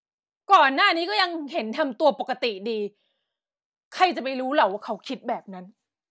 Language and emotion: Thai, angry